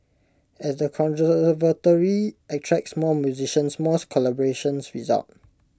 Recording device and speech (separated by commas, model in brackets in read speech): close-talking microphone (WH20), read sentence